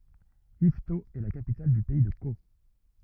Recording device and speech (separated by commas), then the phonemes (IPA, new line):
rigid in-ear microphone, read sentence
ivto ɛ la kapital dy pɛi də ko